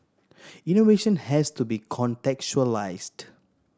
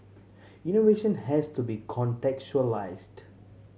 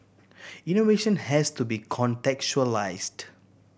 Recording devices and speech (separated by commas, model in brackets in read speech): standing microphone (AKG C214), mobile phone (Samsung C7100), boundary microphone (BM630), read sentence